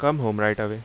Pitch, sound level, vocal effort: 110 Hz, 85 dB SPL, loud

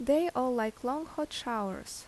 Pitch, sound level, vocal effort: 255 Hz, 80 dB SPL, normal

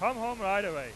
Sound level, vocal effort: 107 dB SPL, very loud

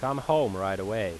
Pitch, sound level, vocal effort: 130 Hz, 90 dB SPL, loud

